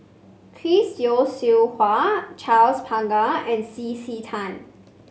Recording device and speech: mobile phone (Samsung C5), read sentence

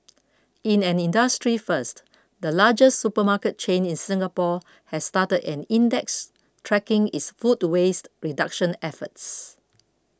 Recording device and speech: close-talking microphone (WH20), read sentence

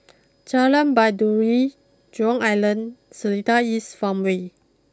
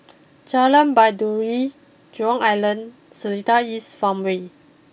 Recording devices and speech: close-talking microphone (WH20), boundary microphone (BM630), read sentence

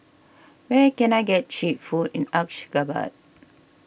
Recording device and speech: boundary microphone (BM630), read sentence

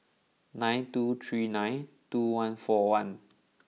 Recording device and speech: mobile phone (iPhone 6), read sentence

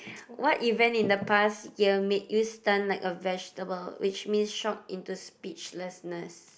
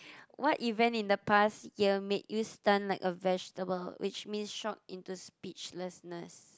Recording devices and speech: boundary microphone, close-talking microphone, conversation in the same room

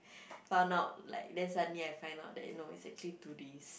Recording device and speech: boundary microphone, conversation in the same room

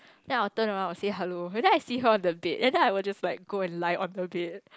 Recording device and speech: close-talking microphone, conversation in the same room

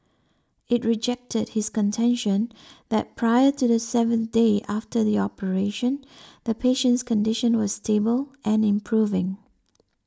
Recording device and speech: standing microphone (AKG C214), read sentence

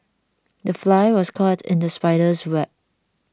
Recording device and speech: standing microphone (AKG C214), read sentence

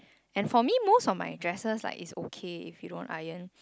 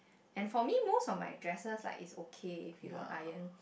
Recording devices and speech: close-talking microphone, boundary microphone, conversation in the same room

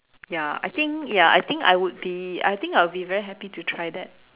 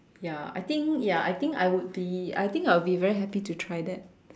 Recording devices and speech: telephone, standing microphone, conversation in separate rooms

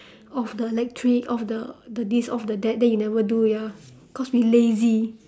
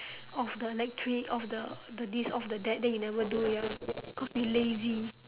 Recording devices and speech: standing microphone, telephone, conversation in separate rooms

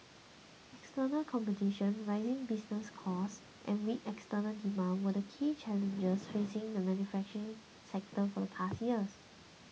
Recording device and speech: mobile phone (iPhone 6), read sentence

